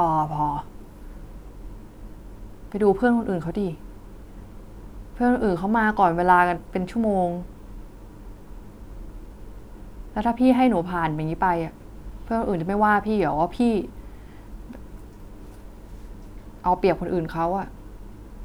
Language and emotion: Thai, frustrated